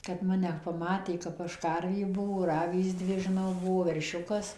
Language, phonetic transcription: Lithuanian, kad ˈmane paˈmatė kap ˈaš ˈkarvė ˈbuvo ir ˈavys ˈdvi žiˈnau ˈbuvo verˈšiukas

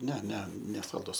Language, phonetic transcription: Lithuanian, ne ne nesalˈdus

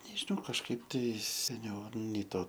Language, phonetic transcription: Lithuanian, nežiˈnau kažˈkaip tai seˈniau ˈnei ˈto

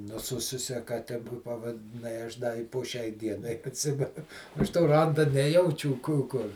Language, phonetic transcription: Lithuanian, nuˈsususia kaˈte pavadiˈnai ˈaš da i po ˈšiai ˈdienai atˈsime ˈaš to ˈranda ˈnejaučiū ˈkū ˈkur

